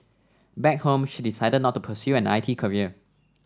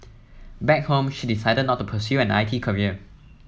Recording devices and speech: standing microphone (AKG C214), mobile phone (iPhone 7), read sentence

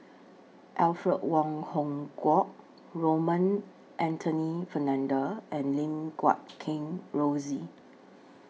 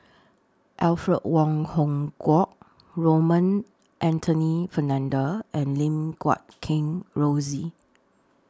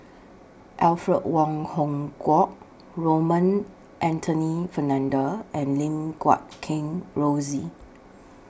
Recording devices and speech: mobile phone (iPhone 6), standing microphone (AKG C214), boundary microphone (BM630), read sentence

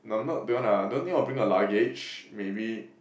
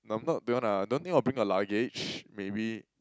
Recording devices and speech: boundary microphone, close-talking microphone, conversation in the same room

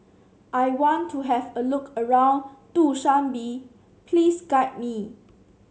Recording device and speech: mobile phone (Samsung C7), read sentence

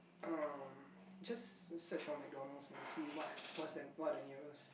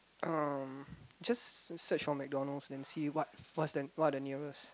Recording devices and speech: boundary microphone, close-talking microphone, conversation in the same room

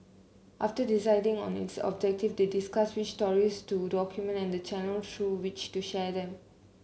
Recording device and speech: mobile phone (Samsung C9), read sentence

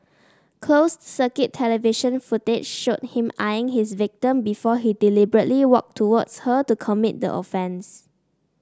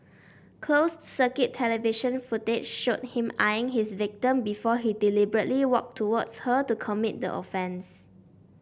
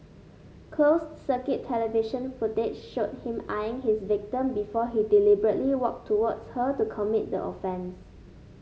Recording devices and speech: standing microphone (AKG C214), boundary microphone (BM630), mobile phone (Samsung S8), read sentence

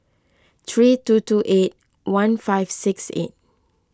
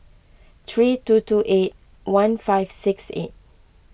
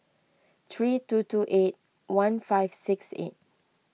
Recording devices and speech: close-talking microphone (WH20), boundary microphone (BM630), mobile phone (iPhone 6), read sentence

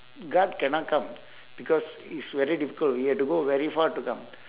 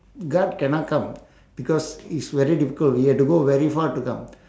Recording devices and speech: telephone, standing microphone, conversation in separate rooms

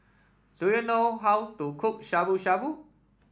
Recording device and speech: standing microphone (AKG C214), read sentence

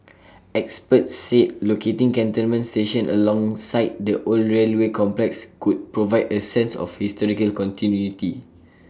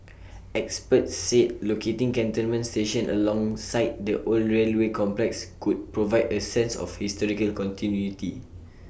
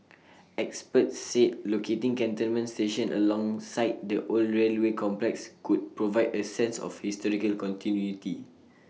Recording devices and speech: standing microphone (AKG C214), boundary microphone (BM630), mobile phone (iPhone 6), read sentence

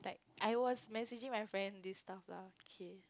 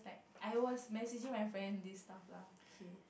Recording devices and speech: close-talking microphone, boundary microphone, conversation in the same room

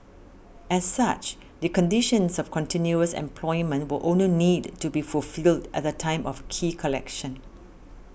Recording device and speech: boundary microphone (BM630), read sentence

